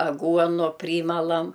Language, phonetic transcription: Lithuanian, aˈguonu ˈprymalam

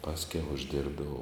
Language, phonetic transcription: Lithuanian, ˈpaskiau užˈdirbdavau

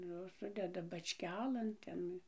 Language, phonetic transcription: Lithuanian, ˈjos ˈsudeda bačˈkelėn ˈten

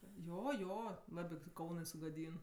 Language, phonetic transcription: Lithuanian, ˈjo ˈjo ˈlabi tie ˈkaunɜ sugaˈdyn

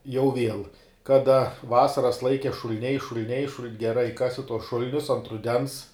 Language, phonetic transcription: Lithuanian, jau ˈviel ˈkada ˈvasaras ˈlaike šul'ˈniai šul'ˈniai šuln geˈrai ˈkasi tuos ˈšul'nius o ant ruˈdens

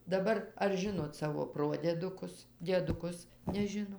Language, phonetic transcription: Lithuanian, daˈbar ar ˈžinot ˈsavo ˈprodiedukus dieduˈkus neˈžino

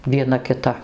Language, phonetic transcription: Lithuanian, vieˈna kiˈta

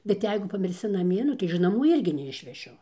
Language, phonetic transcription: Lithuanian, bet ˈjeigu pamirˈsi naˈmie ˈnu tai iž naˈmų ˈirgi neišveˈšiu

